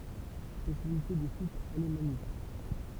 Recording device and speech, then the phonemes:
temple vibration pickup, read sentence
spesjalite də syis alemanik

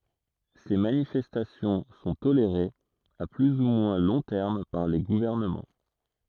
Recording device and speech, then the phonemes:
throat microphone, read sentence
se manifɛstasjɔ̃ sɔ̃ toleʁez a ply u mwɛ̃ lɔ̃ tɛʁm paʁ le ɡuvɛʁnəmɑ̃

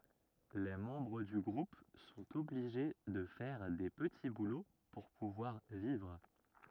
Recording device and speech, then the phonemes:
rigid in-ear microphone, read sentence
le mɑ̃bʁ dy ɡʁup sɔ̃t ɔbliʒe də fɛʁ de pəti bulo puʁ puvwaʁ vivʁ

